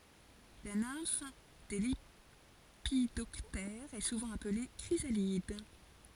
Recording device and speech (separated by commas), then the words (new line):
forehead accelerometer, read sentence
La nymphe des lépidoptères est souvent appelée chrysalide.